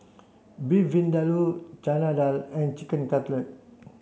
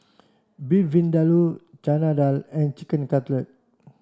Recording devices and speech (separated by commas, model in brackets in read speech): mobile phone (Samsung C7), standing microphone (AKG C214), read sentence